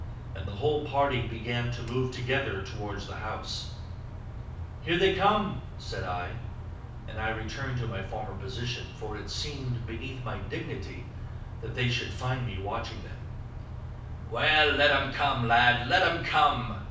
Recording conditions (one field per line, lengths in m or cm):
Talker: one person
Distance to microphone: 5.8 m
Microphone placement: far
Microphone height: 1.8 m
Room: medium-sized (5.7 m by 4.0 m)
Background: none